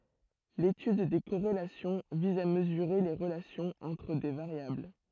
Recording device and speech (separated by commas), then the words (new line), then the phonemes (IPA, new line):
throat microphone, read sentence
L'étude des corrélations vise à mesurer les relations entre des variables.
letyd de koʁelasjɔ̃ viz a məzyʁe le ʁəlasjɔ̃z ɑ̃tʁ de vaʁjabl